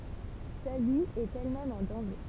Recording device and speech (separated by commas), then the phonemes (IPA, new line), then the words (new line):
temple vibration pickup, read sentence
sa vi ɛt ɛlmɛm ɑ̃ dɑ̃ʒe
Sa vie est elle-même en danger.